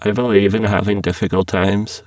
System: VC, spectral filtering